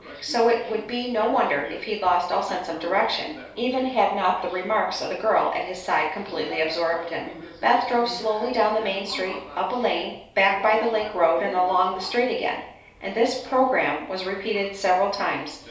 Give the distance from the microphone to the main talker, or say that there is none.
3.0 m.